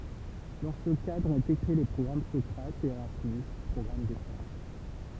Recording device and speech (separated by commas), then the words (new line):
temple vibration pickup, read sentence
Dans ce cadre ont été créés les programmes Socrates et Erasmus - programmes d'échanges.